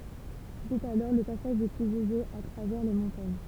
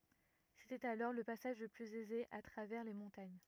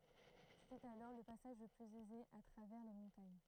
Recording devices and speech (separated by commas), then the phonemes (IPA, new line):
temple vibration pickup, rigid in-ear microphone, throat microphone, read sentence
setɛt alɔʁ lə pasaʒ lə plyz ɛze a tʁavɛʁ le mɔ̃taɲ